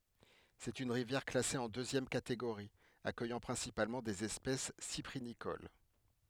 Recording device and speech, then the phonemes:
headset microphone, read sentence
sɛt yn ʁivjɛʁ klase ɑ̃ døzjɛm kateɡoʁi akœjɑ̃ pʁɛ̃sipalmɑ̃ dez ɛspɛs sipʁinikol

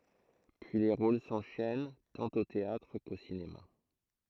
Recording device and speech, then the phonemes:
throat microphone, read sentence
pyi le ʁol sɑ̃ʃɛn tɑ̃t o teatʁ ko sinema

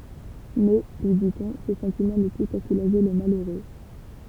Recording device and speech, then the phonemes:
temple vibration pickup, read sentence
mɛ lyi ditɔ̃ sə sɑ̃timɑ̃ nu pus a sulaʒe lə maløʁø

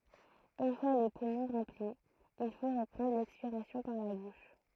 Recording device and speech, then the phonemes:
throat microphone, read sentence
yn fwa le pumɔ̃ ʁɑ̃pli il fo ʁəpʁɑ̃dʁ lɛkspiʁasjɔ̃ paʁ la buʃ

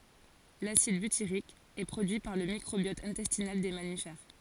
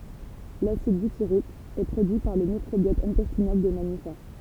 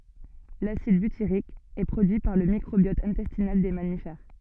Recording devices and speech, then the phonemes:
forehead accelerometer, temple vibration pickup, soft in-ear microphone, read sentence
lasid bytiʁik ɛ pʁodyi paʁ lə mikʁobjɔt ɛ̃tɛstinal de mamifɛʁ

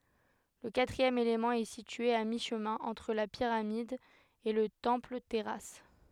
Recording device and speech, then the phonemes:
headset microphone, read sentence
lə katʁiɛm elemɑ̃ ɛ sitye a miʃmɛ̃ ɑ̃tʁ la piʁamid e lə tɑ̃plətɛʁas

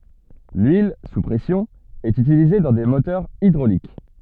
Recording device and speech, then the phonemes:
soft in-ear microphone, read sentence
lyil su pʁɛsjɔ̃ ɛt ytilize dɑ̃ de motœʁz idʁolik

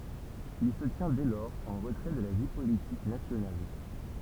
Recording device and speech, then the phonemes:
temple vibration pickup, read sentence
il sə tjɛ̃ dɛ lɔʁz ɑ̃ ʁətʁɛ də la vi politik nasjonal

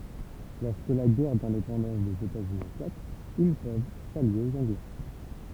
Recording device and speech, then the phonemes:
temple vibration pickup, read sentence
lɔʁskə la ɡɛʁ dɛ̃depɑ̃dɑ̃s dez etaz yni eklat il pøv salje oz ɑ̃ɡlɛ

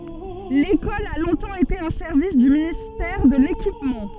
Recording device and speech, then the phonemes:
soft in-ear microphone, read sentence
lekɔl a lɔ̃tɑ̃ ete œ̃ sɛʁvis dy ministɛʁ də lekipmɑ̃

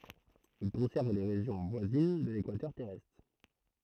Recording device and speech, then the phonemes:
throat microphone, read sentence
il kɔ̃sɛʁn le ʁeʒjɔ̃ vwazin də lekwatœʁ tɛʁɛstʁ

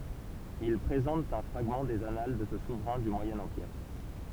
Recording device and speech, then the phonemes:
temple vibration pickup, read sentence
il pʁezɑ̃tt œ̃ fʁaɡmɑ̃ dez anal də sə suvʁɛ̃ dy mwajɛ̃ ɑ̃piʁ

